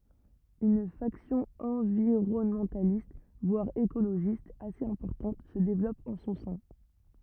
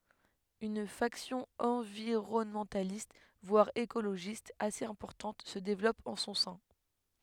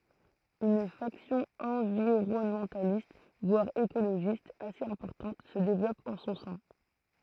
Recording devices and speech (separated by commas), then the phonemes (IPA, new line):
rigid in-ear microphone, headset microphone, throat microphone, read sentence
yn faksjɔ̃ ɑ̃viʁɔnmɑ̃talist vwaʁ ekoloʒist asez ɛ̃pɔʁtɑ̃t sə devlɔp ɑ̃ sɔ̃ sɛ̃